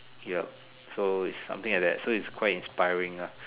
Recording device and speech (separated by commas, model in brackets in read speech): telephone, conversation in separate rooms